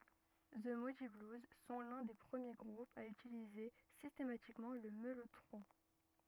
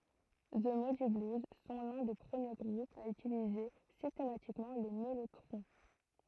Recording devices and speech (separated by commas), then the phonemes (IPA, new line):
rigid in-ear microphone, throat microphone, read sentence
zə mudi bluz sɔ̃ lœ̃ de pʁəmje ɡʁupz a ytilize sistematikmɑ̃ lə mɛlotʁɔ̃